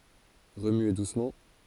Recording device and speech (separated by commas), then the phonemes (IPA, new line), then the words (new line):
forehead accelerometer, read sentence
ʁəmye dusmɑ̃
Remuer doucement.